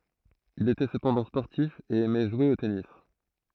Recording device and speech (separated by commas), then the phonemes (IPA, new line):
throat microphone, read sentence
il etɛ səpɑ̃dɑ̃ spɔʁtif e ɛmɛ ʒwe o tenis